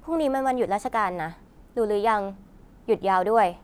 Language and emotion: Thai, neutral